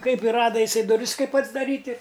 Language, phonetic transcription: Lithuanian, ˈkaip i ˈrada iˈsai duˈris ˈkaip atsdaˈryt' i

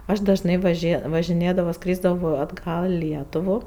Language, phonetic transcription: Lithuanian, ˈaš dažˈnai vaˈžė važiˈnėdavo ˈskrysdavo atˈgal i ˈlietuvu

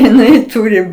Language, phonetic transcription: Lithuanian, jiˈnai ˈturi

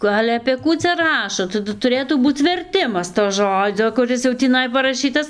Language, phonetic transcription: Lithuanian, ˈku ˈale apė ˈkų cia ˈrašo taˈdu tuˈrėtų ˈbūc verˈtimas to ˈžodzio kuˈris jau tįˈnai paraˈšytas

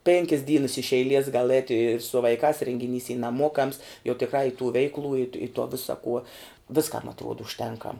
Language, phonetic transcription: Lithuanian, ˈpėnkis ˈdynas iš eiˈlies gal ˈēt' i su vaiˈkās rėngiˈnys y naˈmuokams jau tikˈrā i tų ˈveiklų it i to ˈvisa kuo ˈviskam atˈruod užˈtenkam

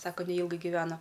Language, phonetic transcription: Lithuanian, ˈsaka neˈylgai giˈvena

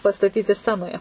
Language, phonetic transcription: Lithuanian, pastaˈtyti ˈscenoje

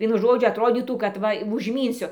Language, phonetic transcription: Lithuanian, ˈvienu ˈžodžiu atˈrodytų kad ˈva vužˈmynsiu

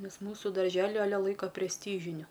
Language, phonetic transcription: Lithuanian, ˈnes ˈmūsu darˈželi aˈle ˈlaiko presˈtyžiniu

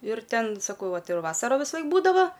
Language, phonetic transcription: Lithuanian, ir ˈten saˈkau ˈtai ˈjau ˈvasaro visaˈlaik ˈbūdava

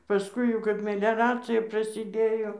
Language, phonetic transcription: Lithuanian, paˈskui jau kap meleˈracija prasiˈdėjo

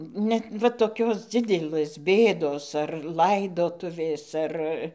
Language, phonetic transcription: Lithuanian, ˈnet va toˈkios ˈdzidelɘs ˈbėdos ar ˈlaidotuvės ˈar

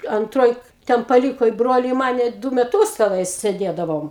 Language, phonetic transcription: Lithuanian, anˈtroj ˈten paˈlyko i ˈbroli i ˈmane ˈdu meˈtūs teˈnai sėˈdėdavom

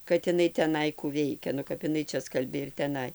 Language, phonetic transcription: Lithuanian, kad iˈnai teˈnai kų ˈveikia nu kap iˈnai ˈčia ˈskalbė ir teˈnai

